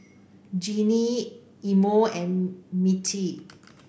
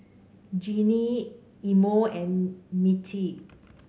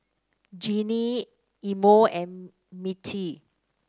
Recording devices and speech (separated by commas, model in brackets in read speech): boundary microphone (BM630), mobile phone (Samsung C5), standing microphone (AKG C214), read sentence